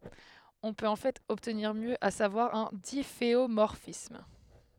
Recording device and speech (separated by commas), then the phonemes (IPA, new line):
headset microphone, read sentence
ɔ̃ pøt ɑ̃ fɛt ɔbtniʁ mjø a savwaʁ œ̃ difeomɔʁfism